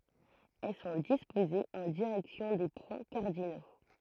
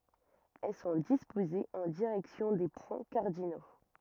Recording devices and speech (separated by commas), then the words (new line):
throat microphone, rigid in-ear microphone, read sentence
Elles sont disposées en direction des points cardinaux.